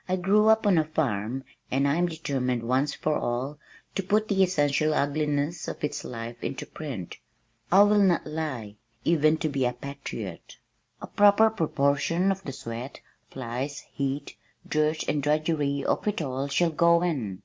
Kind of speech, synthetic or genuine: genuine